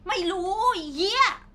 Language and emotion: Thai, angry